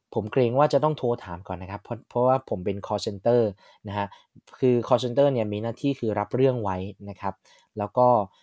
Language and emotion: Thai, neutral